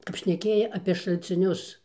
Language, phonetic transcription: Lithuanian, kap šneˈkėja apė šalciˈnius

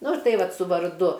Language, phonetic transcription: Lithuanian, ˈnu ˈtai ˈvat su varˈdu

